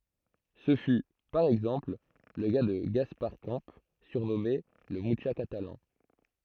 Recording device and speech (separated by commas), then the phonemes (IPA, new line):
throat microphone, read sentence
sə fy paʁ ɛɡzɑ̃pl lə ka də ɡaspaʁ kɑ̃ syʁnɔme lə myʃa katalɑ̃